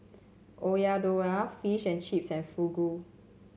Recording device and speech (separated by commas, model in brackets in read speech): mobile phone (Samsung C7), read sentence